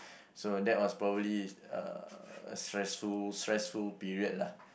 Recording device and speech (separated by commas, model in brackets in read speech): boundary microphone, conversation in the same room